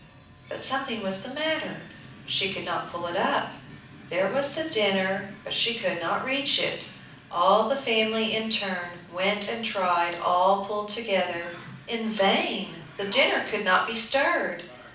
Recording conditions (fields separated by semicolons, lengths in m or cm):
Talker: one person; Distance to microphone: 5.8 m; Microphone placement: far; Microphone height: 1.8 m; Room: medium-sized (5.7 m by 4.0 m); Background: television